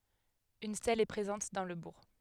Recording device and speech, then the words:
headset microphone, read sentence
Une stèle est présente dans le bourg.

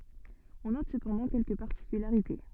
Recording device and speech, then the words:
soft in-ear microphone, read sentence
On note cependant quelques particularités.

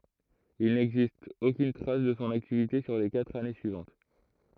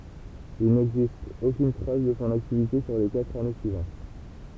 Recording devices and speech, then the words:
throat microphone, temple vibration pickup, read sentence
Il n'existe aucune trace de son activité sur les quatre années suivantes.

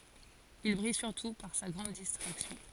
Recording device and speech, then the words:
forehead accelerometer, read sentence
Il brille surtout par sa grande distraction.

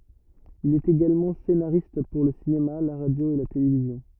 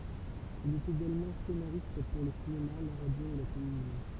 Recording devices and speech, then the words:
rigid in-ear microphone, temple vibration pickup, read sentence
Il est également scénariste pour le cinéma, la radio et la télévision.

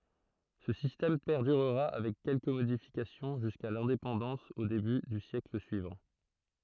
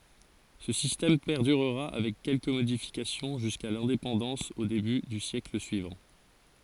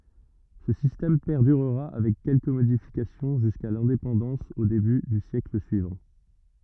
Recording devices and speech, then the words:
throat microphone, forehead accelerometer, rigid in-ear microphone, read sentence
Ce système perdurera avec quelques modifications jusqu'à l'indépendance au début du siècle suivant.

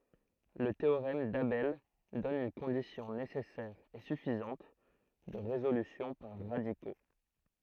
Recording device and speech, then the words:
throat microphone, read sentence
Le théorème d'Abel donne une condition nécessaire et suffisante de résolution par radicaux.

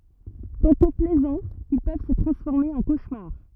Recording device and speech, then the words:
rigid in-ear microphone, read sentence
Tantôt plaisants, ils peuvent se transformer en cauchemar.

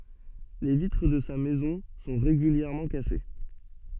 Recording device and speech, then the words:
soft in-ear microphone, read sentence
Les vitres de sa maison sont régulièrement cassées.

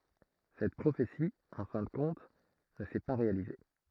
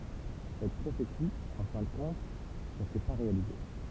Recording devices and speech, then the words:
throat microphone, temple vibration pickup, read sentence
Cette prophétie, en fin de compte, ne s’est pas réalisée.

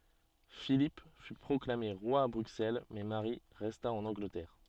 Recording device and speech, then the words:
soft in-ear microphone, read sentence
Philippe fut proclamé roi à Bruxelles mais Marie resta en Angleterre.

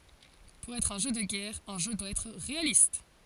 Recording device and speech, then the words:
forehead accelerometer, read sentence
Pour être un jeu de guerre, un jeu doit être réaliste.

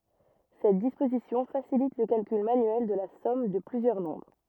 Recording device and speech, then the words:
rigid in-ear microphone, read sentence
Cette disposition facilite le calcul manuel de la somme de plusieurs nombres.

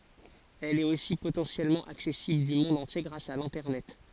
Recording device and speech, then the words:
forehead accelerometer, read sentence
Elle est aussi potentiellement accessible du monde entier grâce à l'Internet.

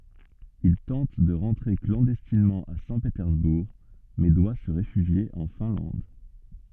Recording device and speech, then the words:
soft in-ear microphone, read sentence
Il tente de rentrer clandestinement à Saint-Pétersbourg, mais doit se réfugier en Finlande.

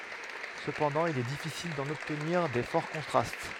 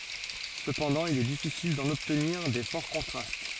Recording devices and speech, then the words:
headset microphone, forehead accelerometer, read sentence
Cependant, il est difficile d'en obtenir des forts contrastes.

